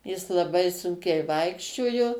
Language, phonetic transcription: Lithuanian, jis laˈbai ˈsunkiai ˈvaikščiojo

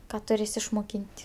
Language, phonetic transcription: Lithuanian, ˈką tuˈrės išmoˈkyn't'

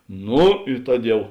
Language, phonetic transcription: Lithuanian, ˈnu i ˈtad ˈjau

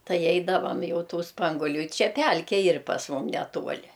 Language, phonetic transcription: Lithuanian, ˈtai ˈeidavam ˈjau ˈtų ˈspanguolių i ˈčia ˈpælke ˈyr pas ˈmum ˈnetuoli

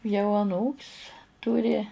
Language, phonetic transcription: Lithuanian, jau aˈnūk's' ˈturi

